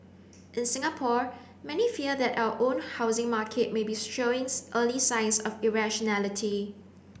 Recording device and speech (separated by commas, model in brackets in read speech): boundary microphone (BM630), read sentence